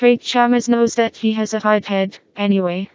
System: TTS, vocoder